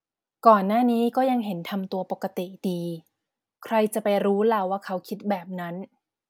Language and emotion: Thai, neutral